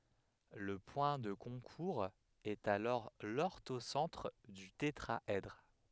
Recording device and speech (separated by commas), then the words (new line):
headset microphone, read sentence
Le point de concours est alors l'orthocentre du tétraèdre.